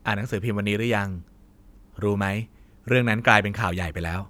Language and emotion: Thai, neutral